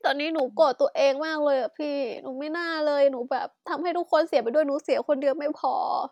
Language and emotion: Thai, sad